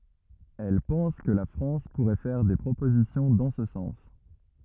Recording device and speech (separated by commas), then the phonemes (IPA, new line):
rigid in-ear microphone, read sentence
ɛl pɑ̃s kə la fʁɑ̃s puʁɛ fɛʁ de pʁopozisjɔ̃ dɑ̃ sə sɑ̃s